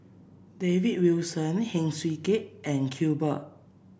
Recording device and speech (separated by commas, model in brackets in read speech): boundary microphone (BM630), read sentence